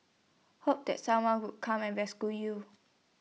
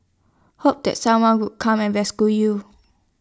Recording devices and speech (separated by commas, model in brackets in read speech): mobile phone (iPhone 6), standing microphone (AKG C214), read sentence